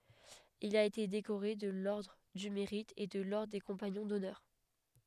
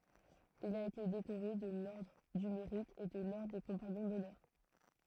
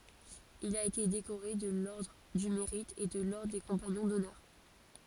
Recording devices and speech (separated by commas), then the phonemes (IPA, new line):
headset microphone, throat microphone, forehead accelerometer, read sentence
il a ete dekoʁe də lɔʁdʁ dy meʁit e də lɔʁdʁ de kɔ̃paɲɔ̃ dɔnœʁ